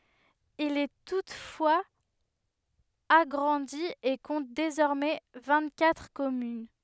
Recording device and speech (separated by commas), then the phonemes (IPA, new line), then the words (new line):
headset microphone, read sentence
il ɛ tutfwaz aɡʁɑ̃di e kɔ̃t dezɔʁmɛ vɛ̃ɡtkatʁ kɔmyn
Il est toutefois agrandi et compte désormais vingt-quatre communes.